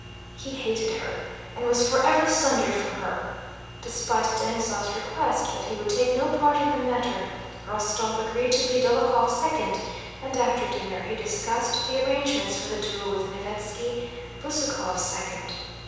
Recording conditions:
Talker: one person; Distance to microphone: 7.1 m; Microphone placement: far; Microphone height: 1.7 m; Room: very reverberant, large; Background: none

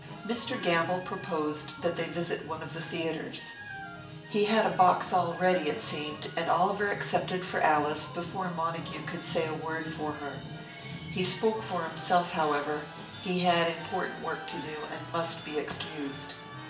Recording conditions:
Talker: one person; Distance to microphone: 1.8 m; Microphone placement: close; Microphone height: 1.0 m; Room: large; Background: music

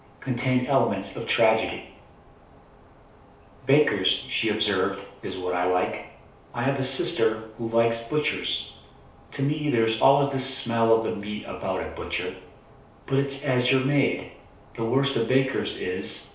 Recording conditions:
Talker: one person; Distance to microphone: 3.0 m; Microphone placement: far; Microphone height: 1.8 m; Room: small (3.7 m by 2.7 m); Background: none

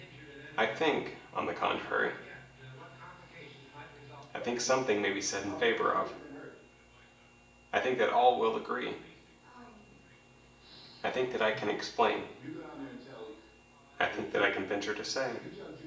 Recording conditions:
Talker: one person; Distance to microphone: 1.8 m; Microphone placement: close; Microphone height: 1.0 m; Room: large; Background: television

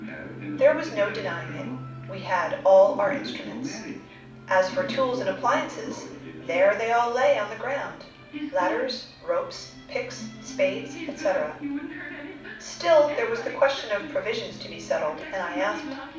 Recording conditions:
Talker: one person; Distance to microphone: 5.8 m; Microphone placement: far; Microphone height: 1.8 m; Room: medium-sized (5.7 m by 4.0 m); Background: television

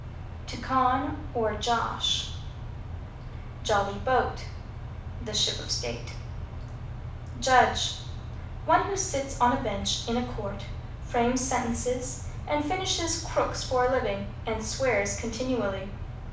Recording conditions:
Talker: one person; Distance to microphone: 5.8 m; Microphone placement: far; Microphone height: 1.8 m; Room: medium-sized (5.7 m by 4.0 m); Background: none

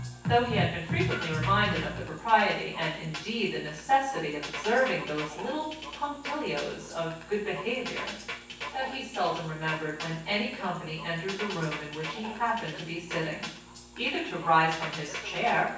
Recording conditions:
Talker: one person; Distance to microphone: 9.8 m; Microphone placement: far; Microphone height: 1.8 m; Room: large; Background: music

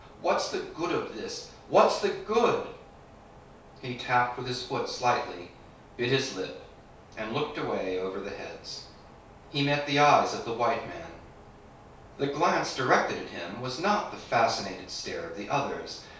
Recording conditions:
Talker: one person; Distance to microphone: 3.0 m; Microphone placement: far; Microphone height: 1.8 m; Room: small (3.7 m by 2.7 m); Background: none

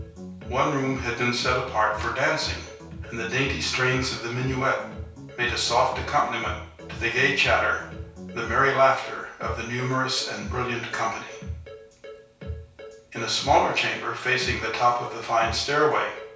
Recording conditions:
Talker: one person; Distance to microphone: 3.0 m; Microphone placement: far; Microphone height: 1.8 m; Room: small (3.7 m by 2.7 m); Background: music

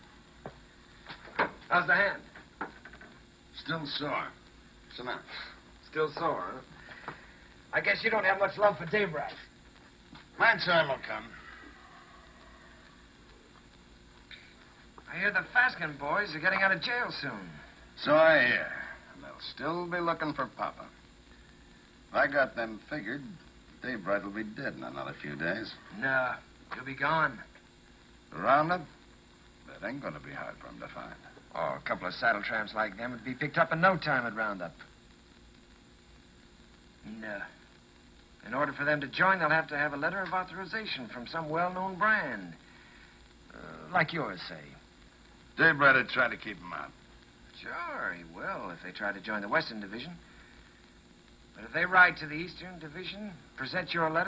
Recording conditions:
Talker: no one; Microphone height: 1.1 m; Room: large; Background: television

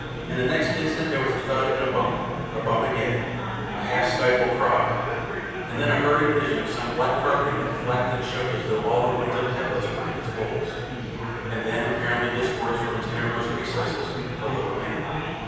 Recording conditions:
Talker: one person; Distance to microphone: 7.1 m; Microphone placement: far; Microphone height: 1.7 m; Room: very reverberant, large; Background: babble

